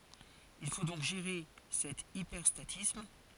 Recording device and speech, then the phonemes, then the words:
forehead accelerometer, read sentence
il fo dɔ̃k ʒeʁe sɛt ipɛʁstatism
Il faut donc gérer cet hyperstatisme.

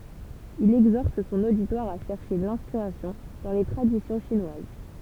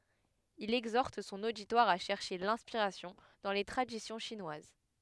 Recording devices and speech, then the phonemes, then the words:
temple vibration pickup, headset microphone, read sentence
il ɛɡzɔʁt sɔ̃n oditwaʁ a ʃɛʁʃe lɛ̃spiʁasjɔ̃ dɑ̃ le tʁadisjɔ̃ ʃinwaz
Il exhorte son auditoire à chercher l'inspiration dans les traditions chinoises.

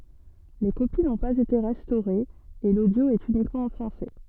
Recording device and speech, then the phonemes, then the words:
soft in-ear microphone, read sentence
le kopi nɔ̃ paz ete ʁɛstoʁez e lodjo ɛt ynikmɑ̃ ɑ̃ fʁɑ̃sɛ
Les copies n'ont pas été restaurées et l'audio est uniquement en français.

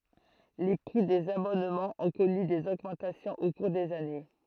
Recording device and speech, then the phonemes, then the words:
throat microphone, read sentence
le pʁi dez abɔnmɑ̃z ɔ̃ kɔny dez oɡmɑ̃tasjɔ̃z o kuʁ dez ane
Les prix des abonnements ont connu des augmentations au cours des années.

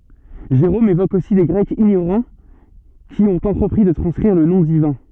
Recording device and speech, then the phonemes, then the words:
soft in-ear microphone, read sentence
ʒeʁom evok osi de ɡʁɛkz iɲoʁɑ̃ ki ɔ̃t ɑ̃tʁəpʁi də tʁɑ̃skʁiʁ lə nɔ̃ divɛ̃
Jérôme évoque aussi des Grecs ignorants qui ont entrepris de transcrire le nom divin.

